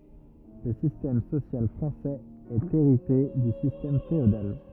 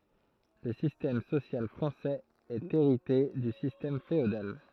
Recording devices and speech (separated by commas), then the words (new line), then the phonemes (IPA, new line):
rigid in-ear microphone, throat microphone, read sentence
Le système social français est hérité du système féodal.
lə sistɛm sosjal fʁɑ̃sɛz ɛt eʁite dy sistɛm feodal